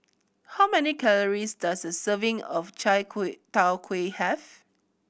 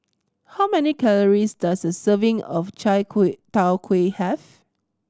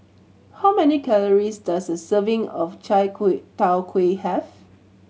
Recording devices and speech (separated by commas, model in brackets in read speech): boundary microphone (BM630), standing microphone (AKG C214), mobile phone (Samsung C7100), read sentence